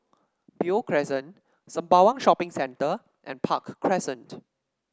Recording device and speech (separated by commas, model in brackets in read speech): standing microphone (AKG C214), read sentence